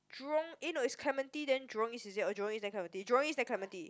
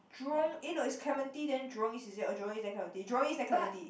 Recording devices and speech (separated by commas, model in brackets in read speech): close-talking microphone, boundary microphone, conversation in the same room